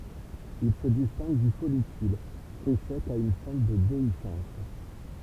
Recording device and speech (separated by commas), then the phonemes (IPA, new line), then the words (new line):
temple vibration pickup, read sentence
il sə distɛ̃ɡ dy fɔlikyl fʁyi sɛk a yn fɑ̃t də deisɑ̃s
Il se distingue du follicule, fruit sec à une fente de déhiscence.